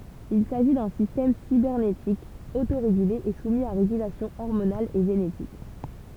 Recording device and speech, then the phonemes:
temple vibration pickup, read sentence
il saʒi dœ̃ sistɛm sibɛʁnetik otoʁeɡyle e sumi a ʁeɡylasjɔ̃ ɔʁmonal e ʒenetik

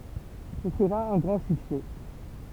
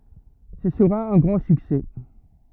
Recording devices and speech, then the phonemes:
temple vibration pickup, rigid in-ear microphone, read sentence
sə səʁa œ̃ ɡʁɑ̃ syksɛ

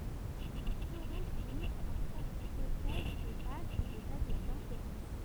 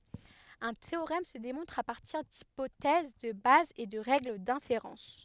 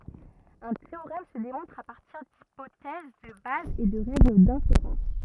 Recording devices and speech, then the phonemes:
temple vibration pickup, headset microphone, rigid in-ear microphone, read sentence
œ̃ teoʁɛm sə demɔ̃tʁ a paʁtiʁ dipotɛz də baz e də ʁɛɡl dɛ̃feʁɑ̃s

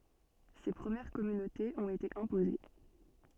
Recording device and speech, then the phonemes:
soft in-ear microphone, read sentence
se pʁəmjɛʁ kɔmynotez ɔ̃t ete ɛ̃poze

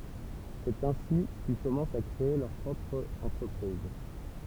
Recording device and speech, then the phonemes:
temple vibration pickup, read sentence
sɛt ɛ̃si kil kɔmɑ̃st a kʁee lœʁ pʁɔpʁ ɑ̃tʁəpʁiz

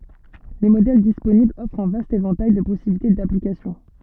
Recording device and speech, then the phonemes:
soft in-ear microphone, read sentence
le modɛl disponiblz ɔfʁt œ̃ vast evɑ̃taj də pɔsibilite daplikasjɔ̃

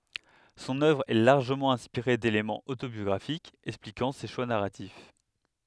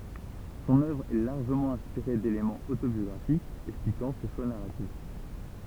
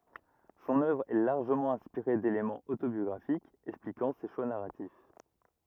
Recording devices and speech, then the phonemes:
headset microphone, temple vibration pickup, rigid in-ear microphone, read sentence
sɔ̃n œvʁ ɛ laʁʒəmɑ̃ ɛ̃spiʁe delemɑ̃z otobjɔɡʁafikz ɛksplikɑ̃ se ʃwa naʁatif

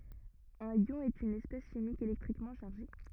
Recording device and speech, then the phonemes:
rigid in-ear microphone, read sentence
œ̃n jɔ̃ ɛt yn ɛspɛs ʃimik elɛktʁikmɑ̃ ʃaʁʒe

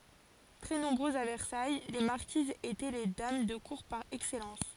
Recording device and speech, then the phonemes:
forehead accelerometer, read sentence
tʁɛ nɔ̃bʁøzz a vɛʁsaj le maʁkizz etɛ le dam də kuʁ paʁ ɛksɛlɑ̃s

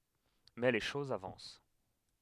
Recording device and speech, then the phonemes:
headset microphone, read sentence
mɛ le ʃozz avɑ̃s

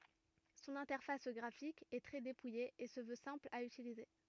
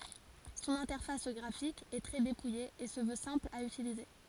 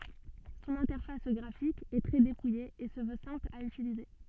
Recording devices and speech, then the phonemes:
rigid in-ear microphone, forehead accelerometer, soft in-ear microphone, read sentence
sɔ̃n ɛ̃tɛʁfas ɡʁafik ɛ tʁɛ depuje e sə vø sɛ̃pl a ytilize

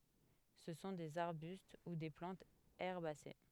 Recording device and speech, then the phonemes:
headset microphone, read sentence
sə sɔ̃ dez aʁbyst u de plɑ̃tz ɛʁbase

